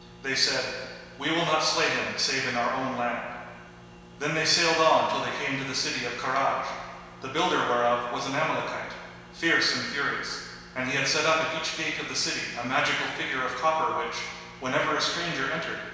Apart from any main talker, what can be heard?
Nothing.